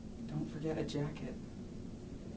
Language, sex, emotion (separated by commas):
English, male, neutral